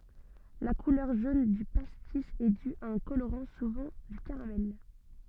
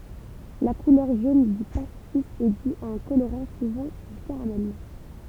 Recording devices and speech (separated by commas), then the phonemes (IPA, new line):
soft in-ear microphone, temple vibration pickup, read sentence
la kulœʁ ʒon dy pastis ɛ dy a œ̃ koloʁɑ̃ suvɑ̃ dy kaʁamɛl